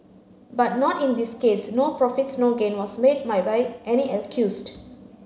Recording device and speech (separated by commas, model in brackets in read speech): mobile phone (Samsung C9), read sentence